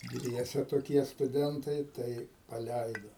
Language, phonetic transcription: Lithuanian, ˈdviese toˈkie stuˈdentai ˈtai paˈlæido

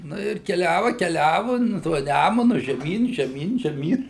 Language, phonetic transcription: Lithuanian, ˈnu ir keˈliava keˈliavu ˈnu tuo ˈnæmunu žeˈmyn žeˈmyn žeˈmyn

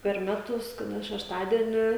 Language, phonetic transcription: Lithuanian, per ˈmetus kaˈda šešˈtadieni

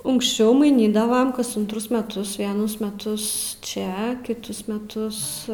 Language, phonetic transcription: Lithuanian, unkšˈčiau maiˈnydavam kas untˈrus meˈtus vieˈnus meˈtus ˈčia kiˈtus meˈtus

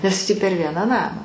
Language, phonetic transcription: Lithuanian, nes tį per ˈvieną ˈnamą

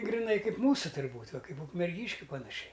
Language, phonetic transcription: Lithuanian, griˈnai ˈkaip ˈmūsu tur'ˈbūt' ˈva ˈkaip ukmerˈgyškiu panaˈšiai

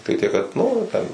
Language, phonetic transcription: Lithuanian, tikˈtai tiek kad ˈnu ˈten

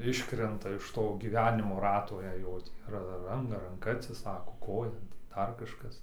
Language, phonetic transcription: Lithuanian, ˈiškrenta iš ˈto gyˈvenimo ˈrato jei ˈjo tį ar ˈran ranˈka atsiˈsako ˈkoja nu tai ˈdar ˈkažkas

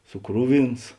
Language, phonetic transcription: Lithuanian, suˈkruˌvins

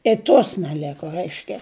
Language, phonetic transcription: Lithuanian, i ˈtos neˈleko ˈraiškia

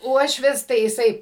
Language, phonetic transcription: Lithuanian, ˈuošvis tai jiˈsai

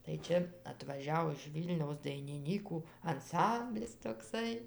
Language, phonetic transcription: Lithuanian, tai ˈčia atvaˈžiau iš ˈvylniaus dainiˈnykų anˈsamblis toˈksai

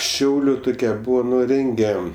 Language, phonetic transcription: Lithuanian, ˈšiauliu ˈtukia ˈbūvo ˈnu ˈrenge

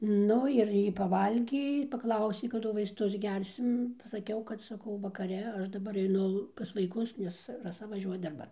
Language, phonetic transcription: Lithuanian, ˈnu ir ˈjy paˈvalgė ir paˈklausė kaˈdu vaisˈtus ˈgersim pasaˈkiau kad saˈkau vakaˈre ˈaš daˈbar eiˈnu pas vaiˈkus ˈnes raˈsa vaˈžiuoja darˈban

